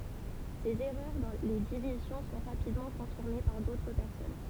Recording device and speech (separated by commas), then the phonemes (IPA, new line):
temple vibration pickup, read sentence
sez ɛʁœʁ dɑ̃ le divizjɔ̃ sɔ̃ ʁapidmɑ̃ kɔ̃fiʁme paʁ dotʁ pɛʁsɔn